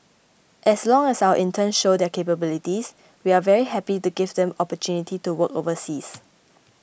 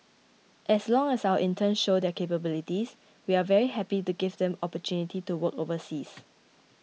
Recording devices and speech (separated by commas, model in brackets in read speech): boundary microphone (BM630), mobile phone (iPhone 6), read sentence